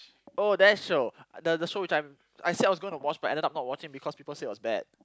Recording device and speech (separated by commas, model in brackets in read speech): close-talking microphone, conversation in the same room